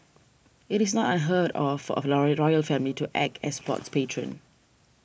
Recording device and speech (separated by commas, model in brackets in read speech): boundary microphone (BM630), read sentence